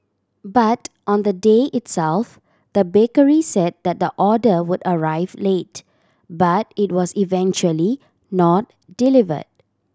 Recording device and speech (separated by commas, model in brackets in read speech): standing microphone (AKG C214), read sentence